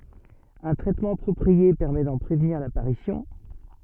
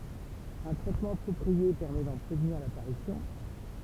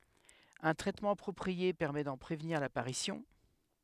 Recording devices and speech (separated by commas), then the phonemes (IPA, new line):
soft in-ear microphone, temple vibration pickup, headset microphone, read sentence
œ̃ tʁɛtmɑ̃ apʁɔpʁie pɛʁmɛ dɑ̃ pʁevniʁ lapaʁisjɔ̃